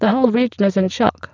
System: VC, spectral filtering